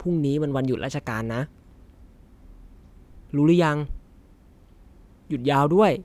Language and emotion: Thai, frustrated